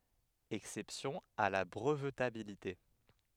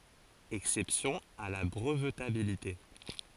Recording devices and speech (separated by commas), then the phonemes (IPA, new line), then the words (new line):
headset microphone, forehead accelerometer, read sentence
ɛksɛpsjɔ̃z a la bʁəvtabilite
Exceptions à la brevetabilité.